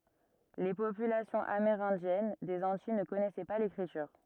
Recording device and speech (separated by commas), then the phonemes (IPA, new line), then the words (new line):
rigid in-ear microphone, read sentence
le popylasjɔ̃z ameʁɛ̃djɛn dez ɑ̃tij nə kɔnɛsɛ pa lekʁityʁ
Les populations amérindiennes des Antilles ne connaissaient pas l'écriture.